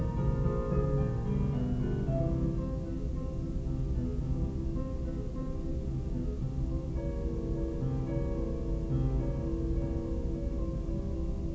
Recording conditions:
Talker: no one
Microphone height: 30 cm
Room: large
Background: music

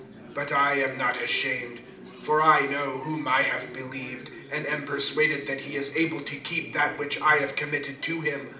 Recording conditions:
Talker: one person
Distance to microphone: 2.0 m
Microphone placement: close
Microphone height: 99 cm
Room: medium-sized (5.7 m by 4.0 m)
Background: babble

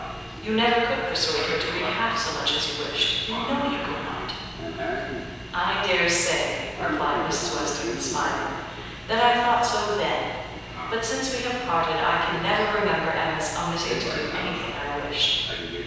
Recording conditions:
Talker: one person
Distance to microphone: 7.1 m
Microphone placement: far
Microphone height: 1.7 m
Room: very reverberant, large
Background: television

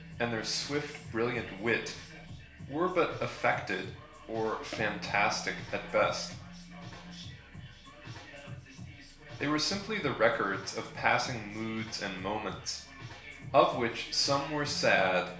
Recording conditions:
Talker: one person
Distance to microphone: 1.0 m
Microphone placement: close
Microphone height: 1.1 m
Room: small (3.7 m by 2.7 m)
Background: music

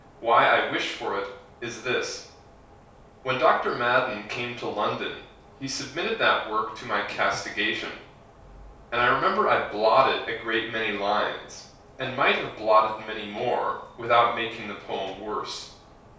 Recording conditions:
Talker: one person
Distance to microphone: 3.0 m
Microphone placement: far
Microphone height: 1.8 m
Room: small (3.7 m by 2.7 m)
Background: none

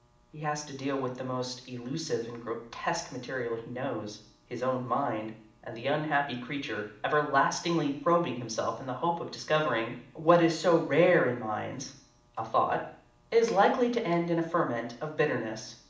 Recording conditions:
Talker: one person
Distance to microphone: 2.0 m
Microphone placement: close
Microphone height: 99 cm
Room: medium-sized (5.7 m by 4.0 m)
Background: none

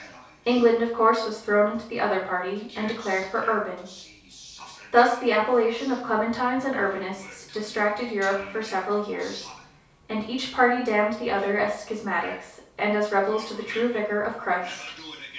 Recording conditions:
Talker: one person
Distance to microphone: 3.0 m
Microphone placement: far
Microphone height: 1.8 m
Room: small (3.7 m by 2.7 m)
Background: television

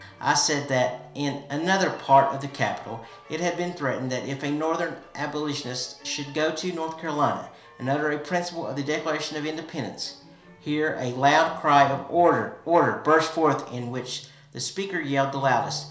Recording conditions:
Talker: one person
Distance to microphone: 1.0 m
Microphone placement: close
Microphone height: 1.1 m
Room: small (3.7 m by 2.7 m)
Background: music

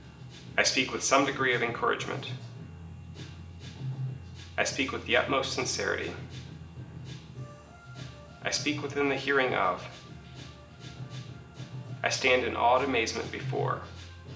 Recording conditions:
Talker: one person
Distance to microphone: 1.8 m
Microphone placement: close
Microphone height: 1.0 m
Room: large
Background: music

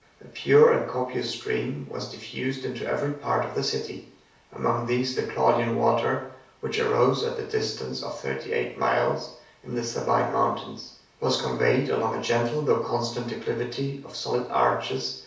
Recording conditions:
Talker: one person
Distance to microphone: 3.0 m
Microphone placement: far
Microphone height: 1.8 m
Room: small (3.7 m by 2.7 m)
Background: none

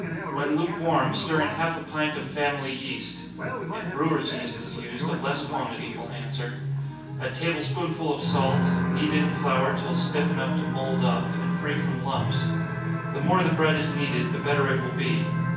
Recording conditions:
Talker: one person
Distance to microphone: 9.8 m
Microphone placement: far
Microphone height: 1.8 m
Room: large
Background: television

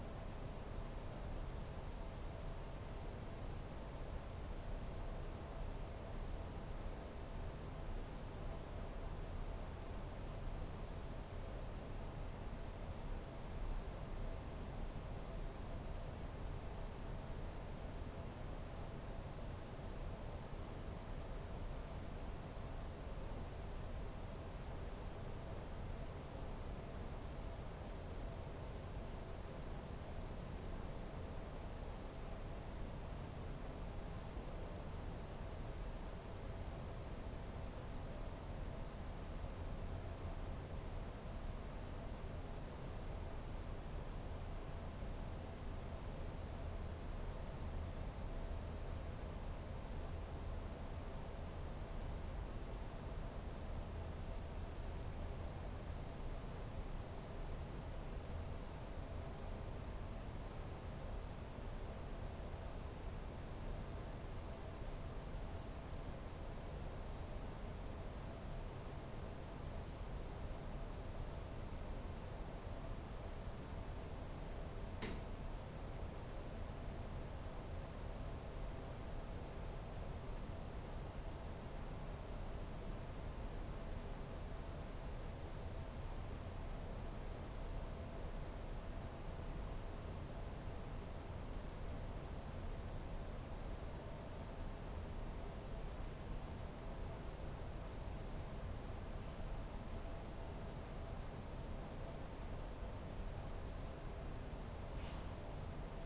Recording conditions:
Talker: no one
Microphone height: 1.8 m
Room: small (3.7 m by 2.7 m)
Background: none

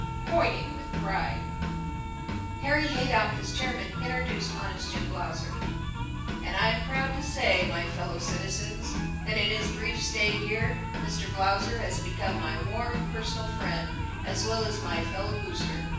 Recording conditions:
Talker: one person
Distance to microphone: 9.8 m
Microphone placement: far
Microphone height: 1.8 m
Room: large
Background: music

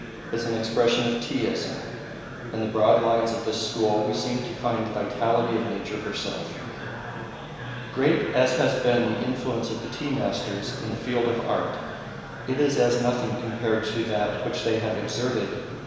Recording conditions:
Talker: one person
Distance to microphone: 1.7 m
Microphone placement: close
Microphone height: 1.0 m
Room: very reverberant, large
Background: babble

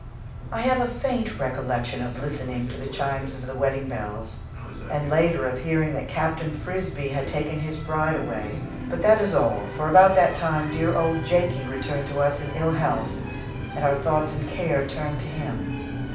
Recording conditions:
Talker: one person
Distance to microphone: 5.8 m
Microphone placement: far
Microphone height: 1.8 m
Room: medium-sized (5.7 m by 4.0 m)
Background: television

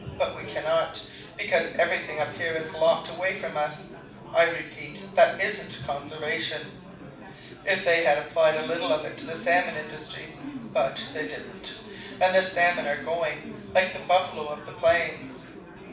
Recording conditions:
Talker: one person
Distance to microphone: 5.8 m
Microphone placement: far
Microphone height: 1.8 m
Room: medium-sized (5.7 m by 4.0 m)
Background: babble

